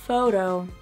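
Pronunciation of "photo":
In 'photo', the t between the two vowels is said as a d, the American English way.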